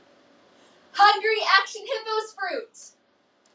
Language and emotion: English, happy